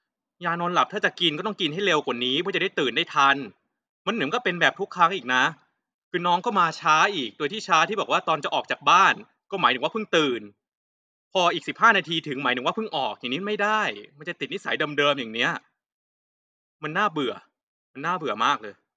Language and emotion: Thai, angry